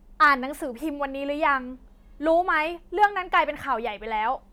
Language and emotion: Thai, angry